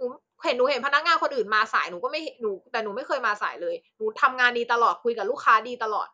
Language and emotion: Thai, frustrated